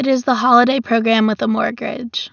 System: none